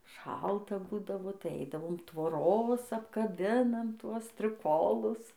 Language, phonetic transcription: Lithuanian, ˈšalta ˈbūdavo tai ˈaidavom tvoˈros apkaˈbinam ˈtuos striˈkolus

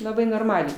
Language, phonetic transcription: Lithuanian, laˈbai norˈmaliai

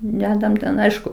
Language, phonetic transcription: Lithuanian, ˈdedam ten ˈaišku

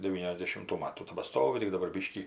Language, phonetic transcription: Lithuanian, devyniasdešimˈtų ˈmatų tebaˈstovi tik daˈbar ˈbiškį

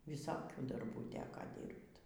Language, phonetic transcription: Lithuanian, viˈsokių darˈbųˈ teko ˈdyrbt

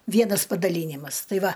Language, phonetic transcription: Lithuanian, ˈvienas padaˈlynimas ˈtai ˈva

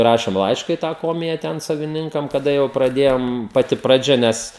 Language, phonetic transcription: Lithuanian, ˈrašėm ˈlaiška į tą ˈkomija ˈten saviˈninkam kaˈda jau praˈdėjom paˈti praˈdžia ˈnes

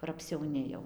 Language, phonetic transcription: Lithuanian, kur apsiauˈni jau

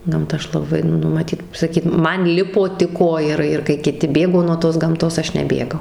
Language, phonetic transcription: Lithuanian, ˈgamta ˈaš laˈbai ˈnu maˈtyt saˈkyt ˈman ˈlipo tik ˈojarai ir kai kiˈti ˈbėgo nuo tos gamˈtos ˈaš neˈbėgau

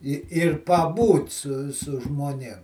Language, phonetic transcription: Lithuanian, i ir paˈbūt su su žmoˈnėm

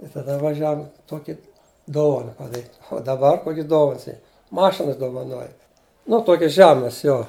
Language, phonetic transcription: Lithuanian, i taˈda vaˈžiavum ˈtoki ˈdovana paˈdaryt u daˈbar ˈkokis ˈdovans ˈy ˈmašins dovaˈnoja nu ˈtokis ˈžemas ˈjo

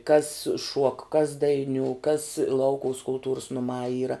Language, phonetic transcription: Lithuanian, kas šuok kas daiˈniū kas ˈlaukuvas kulˈtūrus nuˈmā ˈyra

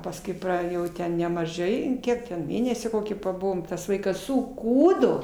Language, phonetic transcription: Lithuanian, pasˈkui ˈpra jau ˈten nemaˈžai ˈkiek ten ˈmėnesį ˈkokį paˈbuvom ˈtas ˈvaikas suˈkūdo

